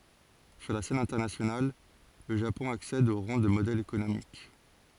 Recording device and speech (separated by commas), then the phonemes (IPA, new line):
forehead accelerometer, read sentence
syʁ la sɛn ɛ̃tɛʁnasjonal lə ʒapɔ̃ aksɛd o ʁɑ̃ də modɛl ekonomik